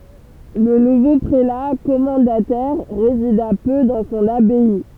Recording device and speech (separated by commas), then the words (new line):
temple vibration pickup, read sentence
Le nouveau prélat commendataire résida peu dans son abbaye.